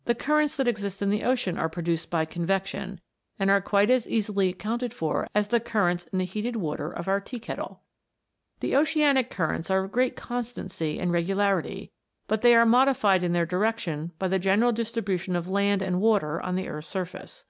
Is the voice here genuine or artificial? genuine